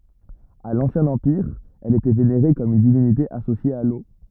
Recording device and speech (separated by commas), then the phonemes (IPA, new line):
rigid in-ear microphone, read sentence
a lɑ̃sjɛ̃ ɑ̃piʁ ɛl etɛ veneʁe kɔm yn divinite asosje a lo